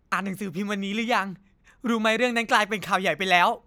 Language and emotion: Thai, happy